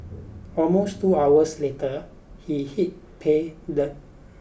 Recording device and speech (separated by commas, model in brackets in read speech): boundary microphone (BM630), read sentence